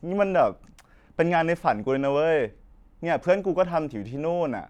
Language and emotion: Thai, frustrated